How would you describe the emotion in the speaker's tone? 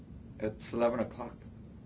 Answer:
neutral